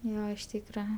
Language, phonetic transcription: Lithuanian, ˈjo iš ˈtykra

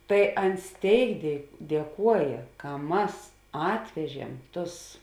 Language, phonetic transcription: Lithuanian, tai ˈans ˈtėik die dieˈkuojė ka ˈmas ˈatvežiem ˈtus

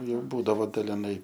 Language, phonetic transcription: Lithuanian, ˈjau ˈbūdavo daliˈnai

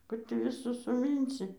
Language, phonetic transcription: Lithuanian, ˈkur tį viˈsus suˈmynsi

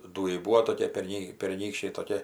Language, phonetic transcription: Lithuanian, ˈdūjai ˈbūvo toˈkie perˈny perˈnykščiai toˈkie

